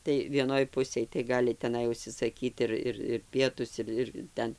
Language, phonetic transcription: Lithuanian, tai vieˈnoj ˈpusėj tai ˈgali teˈnai užsisaˈkyt ir ˈir ir ˈpietus ir ir ˈten

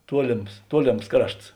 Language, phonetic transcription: Lithuanian, ˈtuolėms ˈtuolėms ˈkrašts

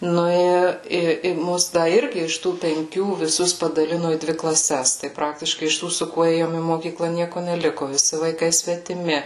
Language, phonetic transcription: Lithuanian, ˈnu i i i ˈmus ˈda ˈirgi iš ˈtų penˈkių viˈsus padaˈlino į ˈdvi klaˈses tai ˈpraktiškai iš ˈtų su ˈkuo ˈėjom į moˈkykla ˈnieku neˈliku viˈsi vaiˈkai svetiˈmi

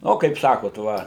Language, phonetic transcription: Lithuanian, ˈno kaip ˈsakot ˈva

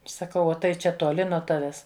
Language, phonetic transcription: Lithuanian, saˈkau ˈo tai ˈčia tuoˈli nuo ˈtaves

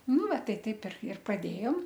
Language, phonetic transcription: Lithuanian, ˈnu ˈva ˈtai ˈtaip ir ir praˈdėjom

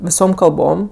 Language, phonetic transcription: Lithuanian, viˈsom kalˈbom

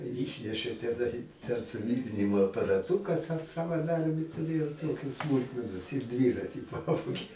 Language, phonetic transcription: Lithuanian, ˈyšnešė teˈnai ten suˈvyrinimo aparaˈtūkas aš savaˈdarbį tuˈrėjau ˈtoki ˈsmulkmenos ir ˈdvyrati ˈpavogė

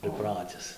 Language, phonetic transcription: Lithuanian, priˈpratis

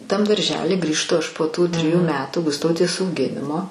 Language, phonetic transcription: Lithuanian, tam darˈžely grįžˈtu ˈaš po ˈtų triˈjų ˈmetų gusˈtautės auˈginimo

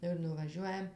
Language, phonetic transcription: Lithuanian, ˈir nuvaˈžiuojam

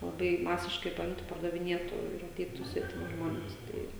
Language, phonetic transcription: Lithuanian, laˈbai ˈmasiškai paˈimtu pardaviˈnietu ir aˈteitu svetiˈmi ˈžmones ˈtai

